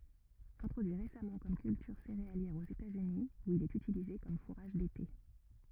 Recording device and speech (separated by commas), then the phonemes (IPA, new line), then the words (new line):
rigid in-ear microphone, read sentence
ɛ̃tʁodyi ʁesamɑ̃ kɔm kyltyʁ seʁealjɛʁ oz etatsyni u il ɛt ytilize kɔm fuʁaʒ dete
Introduit récemment comme culture céréalière aux États-Unis, où il est utilisé comme fourrage d'été.